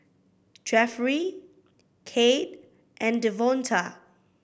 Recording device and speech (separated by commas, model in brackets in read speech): boundary microphone (BM630), read sentence